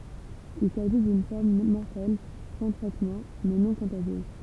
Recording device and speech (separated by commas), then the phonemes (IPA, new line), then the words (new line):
temple vibration pickup, read sentence
il saʒi dyn fɔʁm mɔʁtɛl sɑ̃ tʁɛtmɑ̃ mɛ nɔ̃ kɔ̃taʒjøz
Il s'agit d’une forme mortelle sans traitement, mais non contagieuse.